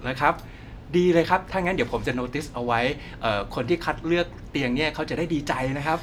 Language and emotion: Thai, happy